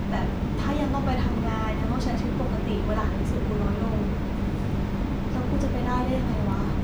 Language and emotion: Thai, frustrated